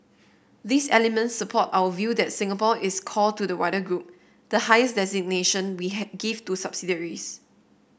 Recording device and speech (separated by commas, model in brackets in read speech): boundary microphone (BM630), read sentence